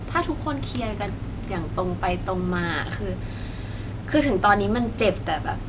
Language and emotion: Thai, frustrated